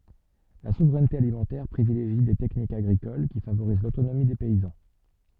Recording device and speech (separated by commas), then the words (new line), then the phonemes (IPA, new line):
soft in-ear microphone, read sentence
La souveraineté alimentaire privilégie des techniques agricoles qui favorisent l'autonomie des paysans.
la suvʁɛnte alimɑ̃tɛʁ pʁivileʒi de tɛknikz aɡʁikol ki favoʁiz lotonomi de pɛizɑ̃